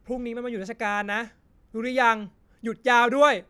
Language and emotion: Thai, angry